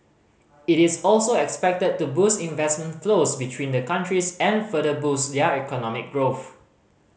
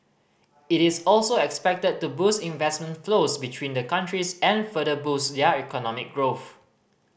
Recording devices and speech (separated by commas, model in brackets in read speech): mobile phone (Samsung C5010), boundary microphone (BM630), read sentence